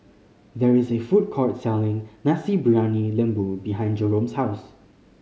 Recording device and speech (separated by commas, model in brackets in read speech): mobile phone (Samsung C5010), read sentence